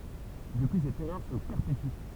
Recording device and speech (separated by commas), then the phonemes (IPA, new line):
temple vibration pickup, read sentence
dəpyi sɛt ɛʁœʁ sə pɛʁpety